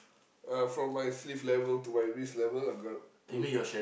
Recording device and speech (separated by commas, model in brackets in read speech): boundary microphone, conversation in the same room